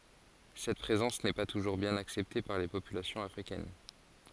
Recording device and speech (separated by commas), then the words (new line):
forehead accelerometer, read sentence
Cette présence n'est pas toujours bien acceptée par les populations africaines.